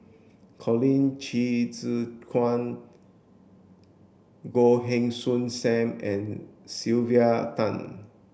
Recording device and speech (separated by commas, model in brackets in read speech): boundary microphone (BM630), read sentence